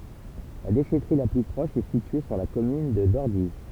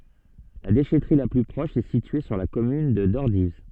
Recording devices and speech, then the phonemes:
temple vibration pickup, soft in-ear microphone, read sentence
la deʃɛtʁi la ply pʁɔʃ ɛ sitye syʁ la kɔmyn də dɔʁdiv

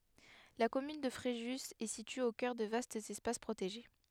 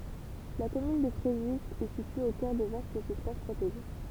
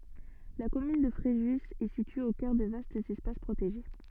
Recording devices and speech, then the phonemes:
headset microphone, temple vibration pickup, soft in-ear microphone, read sentence
la kɔmyn də fʁeʒy ɛ sitye o kœʁ də vastz ɛspas pʁoteʒe

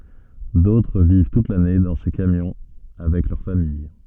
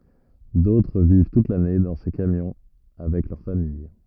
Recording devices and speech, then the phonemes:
soft in-ear microphone, rigid in-ear microphone, read sentence
dotʁ viv tut lane dɑ̃ se kamjɔ̃ avɛk lœʁ famij

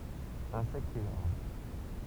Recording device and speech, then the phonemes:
temple vibration pickup, read sentence
ɛ̃sɛktz e laʁv

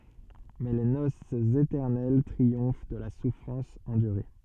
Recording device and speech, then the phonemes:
soft in-ear microphone, read sentence
mɛ le nosz etɛʁnɛl tʁiɔ̃f də la sufʁɑ̃s ɑ̃dyʁe

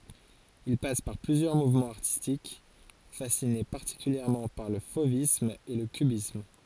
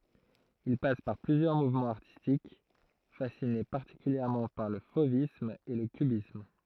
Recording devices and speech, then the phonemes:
forehead accelerometer, throat microphone, read sentence
il pas paʁ plyzjœʁ muvmɑ̃z aʁtistik fasine paʁtikyljɛʁmɑ̃ paʁ lə fovism e lə kybism

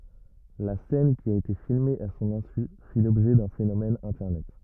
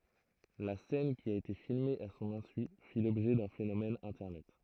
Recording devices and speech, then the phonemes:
rigid in-ear microphone, throat microphone, read sentence
la sɛn ki a ete filme a sɔ̃n ɛ̃sy fi lɔbʒɛ dœ̃ fenomɛn ɛ̃tɛʁnɛt

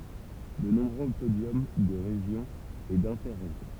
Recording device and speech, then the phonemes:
temple vibration pickup, read sentence
də nɔ̃bʁø podjɔm də ʁeʒjɔ̃ e dɛ̃tɛʁeʒjɔ̃

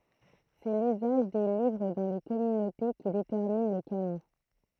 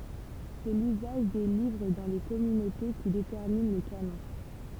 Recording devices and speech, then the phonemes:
throat microphone, temple vibration pickup, read sentence
sɛ lyzaʒ de livʁ dɑ̃ le kɔmynote ki detɛʁmin lə kanɔ̃

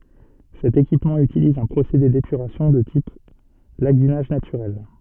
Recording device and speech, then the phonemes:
soft in-ear microphone, read sentence
sɛt ekipmɑ̃ ytiliz œ̃ pʁosede depyʁasjɔ̃ də tip laɡynaʒ natyʁɛl

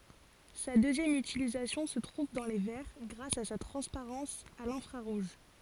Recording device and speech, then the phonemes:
forehead accelerometer, read sentence
sa døzjɛm ytilizasjɔ̃ sə tʁuv dɑ̃ le vɛʁ ɡʁas a sa tʁɑ̃spaʁɑ̃s a lɛ̃fʁaʁuʒ

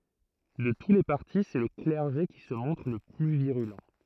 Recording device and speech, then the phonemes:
throat microphone, read sentence
də tu le paʁti sɛ lə klɛʁʒe ki sə mɔ̃tʁ lə ply viʁylɑ̃

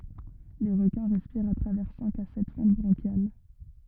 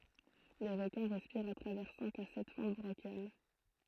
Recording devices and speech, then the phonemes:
rigid in-ear microphone, throat microphone, read sentence
le ʁəkɛ̃ ʁɛspiʁt a tʁavɛʁ sɛ̃k a sɛt fɑ̃t bʁɑ̃ʃjal

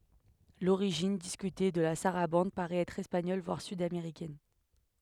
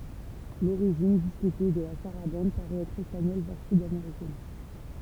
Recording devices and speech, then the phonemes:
headset microphone, temple vibration pickup, read sentence
loʁiʒin diskyte də la saʁabɑ̃d paʁɛt ɛtʁ ɛspaɲɔl vwaʁ sydameʁikɛn

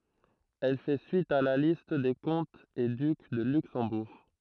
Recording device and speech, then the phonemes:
throat microphone, read sentence
ɛl fɛ syit a la list de kɔ̃tz e dyk də lyksɑ̃buʁ

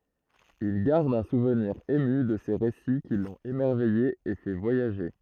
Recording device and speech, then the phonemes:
throat microphone, read sentence
il ɡaʁd œ̃ suvniʁ emy də se ʁesi ki lɔ̃t emɛʁvɛje e fɛ vwajaʒe

